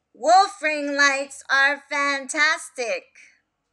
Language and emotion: English, sad